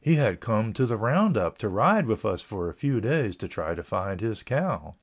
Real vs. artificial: real